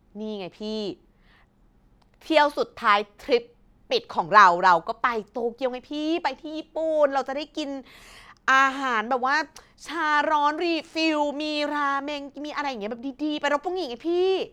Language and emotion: Thai, happy